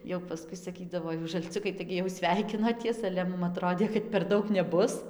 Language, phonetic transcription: Lithuanian, jau paˈskui saˈkydavo ˈjūs žalˈciukai ˈtaigi jau ˈsveikinoties ale ˈmum aˈtrodė kad per ˈdaug neˈbus

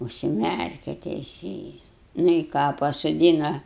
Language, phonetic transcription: Lithuanian, užsiˈmærke teiˈsėjis nu i ˈką pasoˈdyna

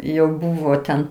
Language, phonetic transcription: Lithuanian, jau ˈbūvo ten

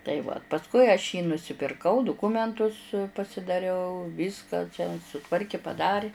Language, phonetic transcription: Lithuanian, tai ˈva pasˈkui aš jį nusipirˈkau duˈkumentus pasidaˈriau ˈvyska čia suˈtvarki paˈdari

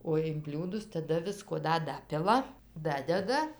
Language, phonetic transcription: Lithuanian, o in ˈbliūdus taˈda ˈvisko ˈda ˈdapila ˈdadeda

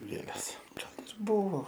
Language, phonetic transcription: Lithuanian, ˈgėles ˈgal ir ˈbuvo

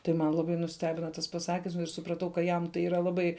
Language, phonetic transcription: Lithuanian, tai ˈman laˈbai nuˈstebina tas paˈsakims ir supraˈtau ka ˈjam tai ˈyra laˈbai

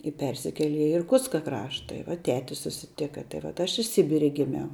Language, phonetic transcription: Lithuanian, i ˈpersikele i irˈkutska ˈkrašta i va ˈteti susiˈtika tai vat ˈaš i ˈsibire giˈmiau

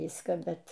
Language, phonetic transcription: Lithuanian, ˈvyską ˈbet

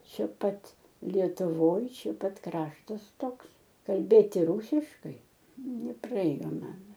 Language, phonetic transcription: Lithuanian, ˈčia ˈpat lietuˈvoj ˈčia ˈpat ˈkraštas ˈtoks kalˈbėti ˈrūsiškai nepraˈėjo ˈman

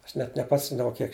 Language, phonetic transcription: Lithuanian, ˈaš net neˈpasimdavau ˈkiek

